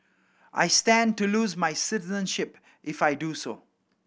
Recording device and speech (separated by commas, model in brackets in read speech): boundary microphone (BM630), read sentence